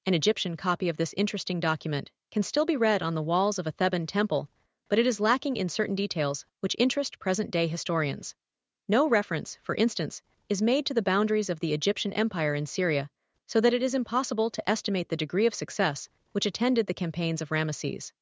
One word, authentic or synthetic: synthetic